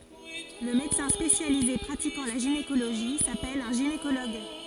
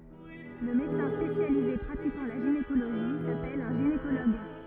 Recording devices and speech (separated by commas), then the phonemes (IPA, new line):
forehead accelerometer, rigid in-ear microphone, read sentence
lə medəsɛ̃ spesjalize pʁatikɑ̃ la ʒinekoloʒi sapɛl œ̃ ʒinekoloɡ